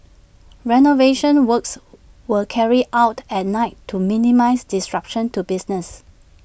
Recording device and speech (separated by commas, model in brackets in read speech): boundary microphone (BM630), read sentence